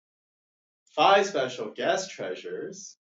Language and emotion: English, happy